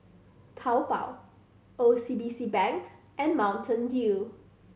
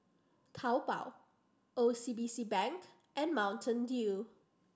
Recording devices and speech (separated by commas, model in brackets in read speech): mobile phone (Samsung C7100), standing microphone (AKG C214), read sentence